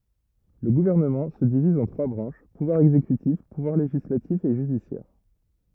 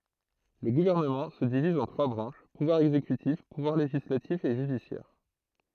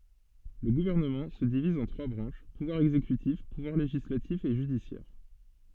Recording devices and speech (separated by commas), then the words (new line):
rigid in-ear microphone, throat microphone, soft in-ear microphone, read sentence
Le gouvernement se divise en trois branches, pouvoir exécutif, pouvoir législatif et judiciaire.